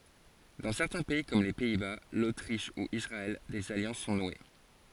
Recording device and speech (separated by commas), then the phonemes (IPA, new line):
forehead accelerometer, read sentence
dɑ̃ sɛʁtɛ̃ pɛi kɔm le pɛi ba lotʁiʃ u isʁaɛl dez aljɑ̃s sɔ̃ nwe